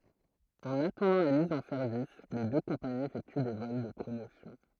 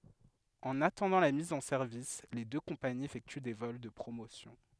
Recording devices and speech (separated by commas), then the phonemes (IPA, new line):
throat microphone, headset microphone, read sentence
ɑ̃n atɑ̃dɑ̃ la miz ɑ̃ sɛʁvis le dø kɔ̃paniz efɛkty de vɔl də pʁomosjɔ̃